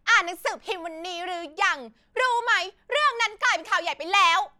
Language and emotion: Thai, angry